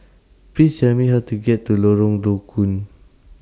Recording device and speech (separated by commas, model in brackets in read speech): standing microphone (AKG C214), read sentence